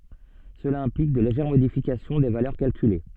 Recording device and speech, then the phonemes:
soft in-ear microphone, read sentence
səla ɛ̃plik də leʒɛʁ modifikasjɔ̃ de valœʁ kalkyle

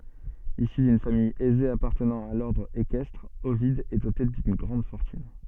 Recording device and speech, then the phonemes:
soft in-ear microphone, read sentence
isy dyn famij ɛze apaʁtənɑ̃ a lɔʁdʁ ekɛstʁ ovid ɛ dote dyn ɡʁɑ̃d fɔʁtyn

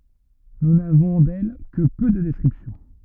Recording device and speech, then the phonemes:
rigid in-ear microphone, read sentence
nu navɔ̃ dɛl kə pø də dɛskʁipsjɔ̃

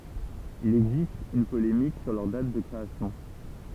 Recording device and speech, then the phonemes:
temple vibration pickup, read sentence
il ɛɡzist yn polemik syʁ lœʁ dat də kʁeasjɔ̃

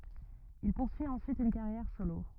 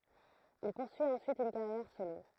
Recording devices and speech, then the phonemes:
rigid in-ear microphone, throat microphone, read sentence
il puʁsyi ɑ̃syit yn kaʁjɛʁ solo

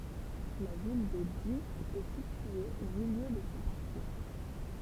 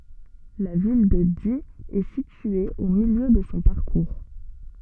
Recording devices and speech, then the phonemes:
temple vibration pickup, soft in-ear microphone, read sentence
la vil də di ɛ sitye o miljø də sɔ̃ paʁkuʁ

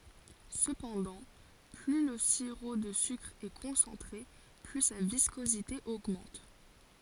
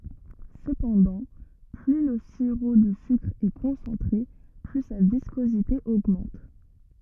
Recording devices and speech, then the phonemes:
forehead accelerometer, rigid in-ear microphone, read sentence
səpɑ̃dɑ̃ ply lə siʁo də sykʁ ɛ kɔ̃sɑ̃tʁe ply sa viskozite oɡmɑ̃t

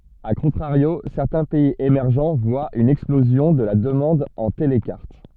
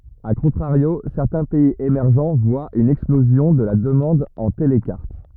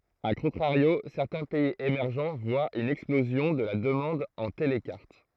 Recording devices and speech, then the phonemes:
soft in-ear microphone, rigid in-ear microphone, throat microphone, read sentence
a kɔ̃tʁaʁjo sɛʁtɛ̃ pɛiz emɛʁʒ vwat yn ɛksplozjɔ̃ də la dəmɑ̃d ɑ̃ telkaʁt

